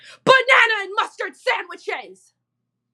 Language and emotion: English, angry